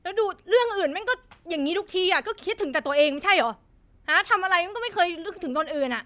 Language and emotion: Thai, angry